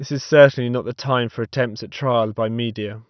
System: none